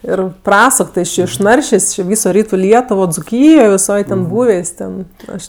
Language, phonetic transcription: Lithuanian, ˈir ˈprasuk ˈti jis ˈčė išˈnaršės' či ˈvyso ˈrytu ˈlietuvo dzuˈkyjo viˈsoj ten ˈbūvės' ˈten ˈaš

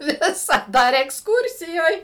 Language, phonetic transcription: Lithuanian, ˈvisaˌda ar eksˈkūrsijoj

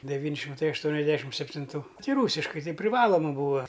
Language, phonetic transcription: Lithuanian, deˈvyn' šimˈtai ašˈtuoniasˌdešim septinˈtų ˈti ˈrūsiškai ˈtai priˈvaloma ˈbūa

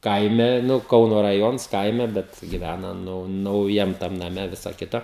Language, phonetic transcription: Lithuanian, ˈkaime ˈnu ˈkauno raˈjons ˈkaime ˈbet giˈvæna ˈnu nauˈjam tam naˈme ˈvisa ˈkita

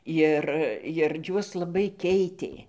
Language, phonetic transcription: Lithuanian, ˈjir jir ˈjuos laˈbai ˈkeitė

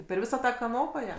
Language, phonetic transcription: Lithuanian, per ˈvisą ˈtą kaˈnopa ˈja

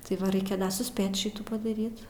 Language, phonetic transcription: Lithuanian, tai ˈva ˈreikia suˈspėt ˈšitų padaˈryt

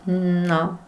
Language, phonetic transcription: Lithuanian, ˈno

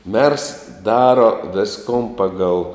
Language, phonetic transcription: Lithuanian, mers ˈdaro ˈviskon ˈpagal

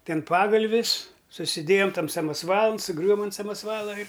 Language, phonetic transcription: Lithuanian, ˈten ˈpagalvis susiˈdėjom ˈtam samasˈvalan suˈgriuvom ant samasˈvala ir

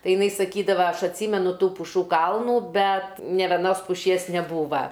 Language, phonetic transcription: Lithuanian, tai iˈnai saˈkydava ˈaš atˈsymenu ˈtų puˈšų ˈkalnų ˈbet nė veˈnos puˈšies neˈbūva

